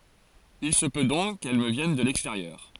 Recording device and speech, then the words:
forehead accelerometer, read sentence
Il se peut donc qu'elle me vienne de l'extérieur.

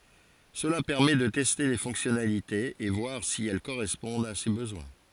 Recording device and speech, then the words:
forehead accelerometer, read sentence
Cela permet de tester les fonctionnalités et voir si elles correspondent à ses besoins.

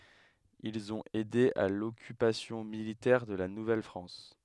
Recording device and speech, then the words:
headset microphone, read sentence
Ils ont aidé à l'occupation militaire de la Nouvelle-France.

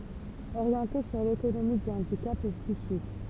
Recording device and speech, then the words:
temple vibration pickup, read sentence
Orienté sur l'autonomie du handicap psychique.

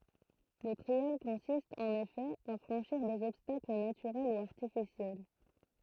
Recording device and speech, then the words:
throat microphone, read sentence
Le trial consiste, en effet, à franchir des obstacles naturels ou artificiels.

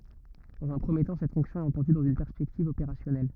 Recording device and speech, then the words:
rigid in-ear microphone, read sentence
Dans un premier temps, cette fonction est entendue dans une perspective opérationnelle.

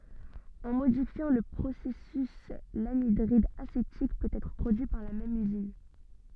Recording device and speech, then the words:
soft in-ear microphone, read sentence
En modifiant le processus, l'anhydride acétique peut être produit par la même usine.

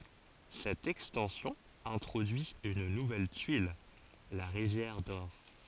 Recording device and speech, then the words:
forehead accelerometer, read sentence
Cette extension introduit une nouvelle tuile, la rivière d'or.

